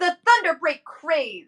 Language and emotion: English, angry